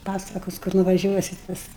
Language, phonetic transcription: Lithuanian, ˈpasakos kur nuvaˈžiuosit ˈpas

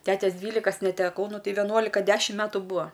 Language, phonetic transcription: Lithuanian, ˈtetes ˈdvylikas neteˈkau ˈnu ˈtei veˈnuolika ˈdešim ˈmetu ˈbūa

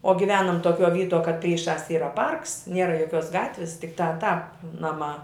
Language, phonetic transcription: Lithuanian, o giˈvenam toˈkiuo ˈvytuo kad ˈpryˌšās ˈyra ˈparks ˈniera joˈkiuos ˈgatvis tikˈtā ˈtāp ˈnaˌmā

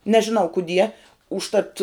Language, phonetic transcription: Lithuanian, nežiˈnau kuˈdie užˈtat

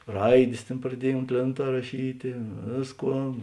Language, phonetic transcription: Lithuanian, ˈraidės ˈtėn praˈdiej unt ˈlėnˌtā raˈšytė ˈvėsˌkuo

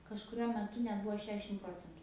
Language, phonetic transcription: Lithuanian, kažkuˈriuo meˈtu net ˈbuvo ˈšešim ˈprocentu

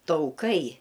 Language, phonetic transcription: Lithuanian, tauˈkai

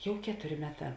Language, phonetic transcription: Lithuanian, ˈjau ˈketuˌri ˈmeˌtā

